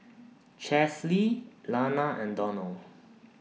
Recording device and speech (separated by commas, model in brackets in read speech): mobile phone (iPhone 6), read sentence